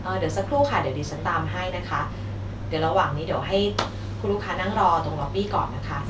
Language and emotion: Thai, neutral